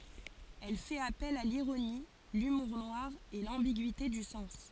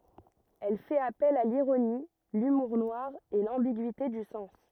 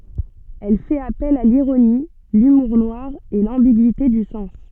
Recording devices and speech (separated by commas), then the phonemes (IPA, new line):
forehead accelerometer, rigid in-ear microphone, soft in-ear microphone, read sentence
ɛl fɛt apɛl a liʁoni lymuʁ nwaʁ e lɑ̃biɡyite dy sɑ̃s